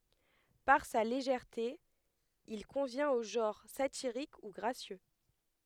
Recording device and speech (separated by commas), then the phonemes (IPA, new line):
headset microphone, read sentence
paʁ sa leʒɛʁte il kɔ̃vjɛ̃t o ʒɑ̃ʁ satiʁik u ɡʁasjø